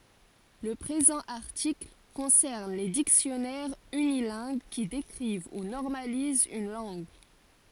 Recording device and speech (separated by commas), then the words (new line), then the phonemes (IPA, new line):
forehead accelerometer, read sentence
Le présent article concerne les dictionnaires unilingues qui décrivent ou normalisent une langue.
lə pʁezɑ̃ aʁtikl kɔ̃sɛʁn le diksjɔnɛʁz ynilɛ̃ɡ ki dekʁiv u nɔʁmalizt yn lɑ̃ɡ